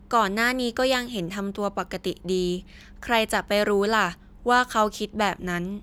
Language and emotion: Thai, neutral